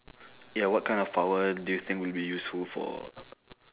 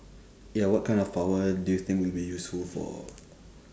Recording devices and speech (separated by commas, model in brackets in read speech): telephone, standing microphone, conversation in separate rooms